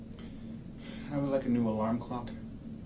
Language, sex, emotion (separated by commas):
English, male, neutral